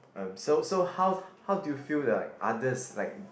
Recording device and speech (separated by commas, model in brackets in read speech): boundary microphone, conversation in the same room